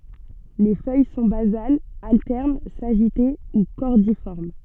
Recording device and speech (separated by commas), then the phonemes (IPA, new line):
soft in-ear microphone, read sentence
le fœj sɔ̃ bazalz altɛʁn saʒite u kɔʁdifɔʁm